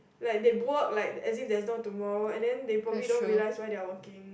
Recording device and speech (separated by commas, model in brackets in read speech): boundary microphone, conversation in the same room